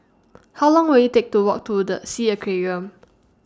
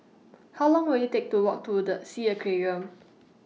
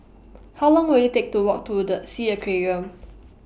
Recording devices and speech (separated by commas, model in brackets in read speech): standing microphone (AKG C214), mobile phone (iPhone 6), boundary microphone (BM630), read sentence